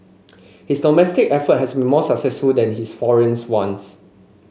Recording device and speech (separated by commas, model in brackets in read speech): mobile phone (Samsung C5), read sentence